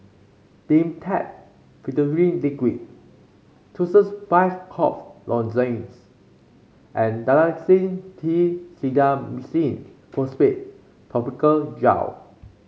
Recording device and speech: mobile phone (Samsung C5), read sentence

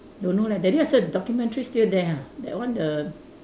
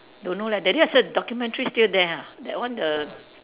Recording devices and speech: standing microphone, telephone, conversation in separate rooms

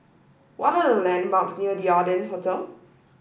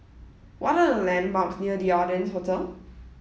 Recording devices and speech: boundary microphone (BM630), mobile phone (iPhone 7), read sentence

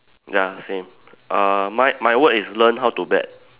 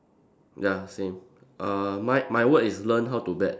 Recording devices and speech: telephone, standing microphone, conversation in separate rooms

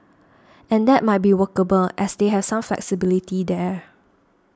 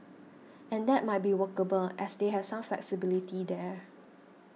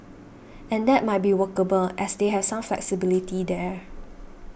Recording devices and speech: standing microphone (AKG C214), mobile phone (iPhone 6), boundary microphone (BM630), read sentence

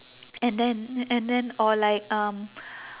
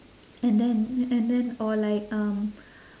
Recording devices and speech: telephone, standing microphone, conversation in separate rooms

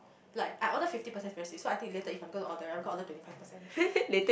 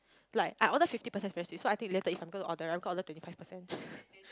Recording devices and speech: boundary microphone, close-talking microphone, conversation in the same room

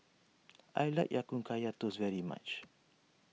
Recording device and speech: mobile phone (iPhone 6), read sentence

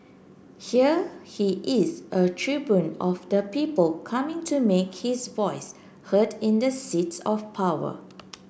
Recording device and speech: boundary microphone (BM630), read sentence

